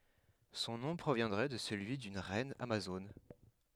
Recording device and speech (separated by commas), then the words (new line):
headset microphone, read sentence
Son nom proviendrait de celui d’une reine amazone.